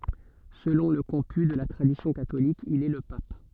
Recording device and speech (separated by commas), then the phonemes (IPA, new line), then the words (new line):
soft in-ear microphone, read sentence
səlɔ̃ lə kɔ̃py də la tʁadisjɔ̃ katolik il ɛ lə pap
Selon le comput de la tradition catholique, il est le pape.